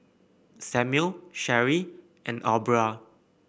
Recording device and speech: boundary microphone (BM630), read sentence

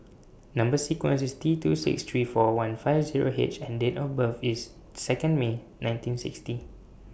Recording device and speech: boundary microphone (BM630), read sentence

